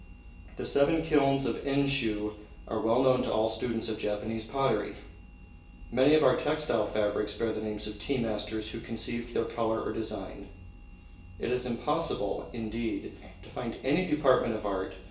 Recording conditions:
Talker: one person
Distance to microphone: 1.8 m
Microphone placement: close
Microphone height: 1.0 m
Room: large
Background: none

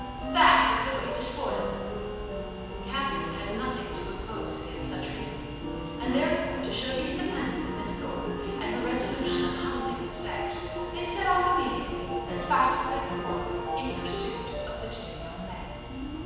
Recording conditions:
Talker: one person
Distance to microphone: 7.1 m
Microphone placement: far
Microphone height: 1.7 m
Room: very reverberant, large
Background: music

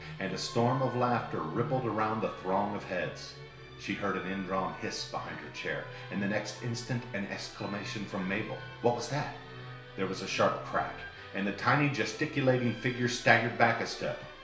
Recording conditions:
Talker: one person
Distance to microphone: 1.0 m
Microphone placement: close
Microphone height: 1.1 m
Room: small (3.7 m by 2.7 m)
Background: music

